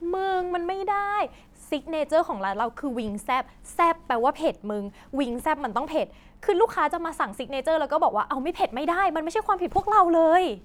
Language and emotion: Thai, frustrated